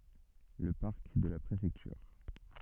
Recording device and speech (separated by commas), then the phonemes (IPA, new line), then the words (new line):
soft in-ear microphone, read sentence
lə paʁk də la pʁefɛktyʁ
Le parc de la Préfecture.